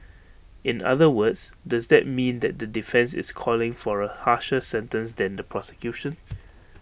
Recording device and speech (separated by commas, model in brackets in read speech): boundary microphone (BM630), read sentence